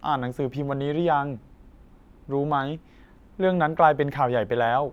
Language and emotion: Thai, neutral